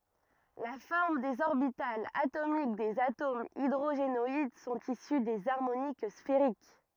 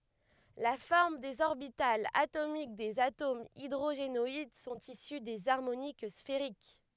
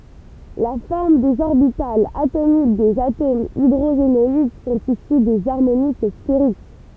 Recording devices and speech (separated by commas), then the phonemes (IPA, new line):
rigid in-ear microphone, headset microphone, temple vibration pickup, read sentence
la fɔʁm dez ɔʁbitalz atomik dez atomz idʁoʒenɔid sɔ̃t isy dez aʁmonik sfeʁik